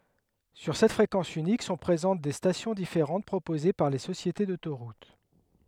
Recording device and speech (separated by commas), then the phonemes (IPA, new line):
headset microphone, read sentence
syʁ sɛt fʁekɑ̃s ynik sɔ̃ pʁezɑ̃t de stasjɔ̃ difeʁɑ̃t pʁopoze paʁ le sosjete dotoʁut